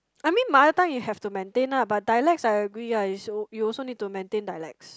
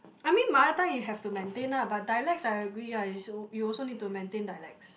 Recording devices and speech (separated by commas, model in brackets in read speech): close-talking microphone, boundary microphone, conversation in the same room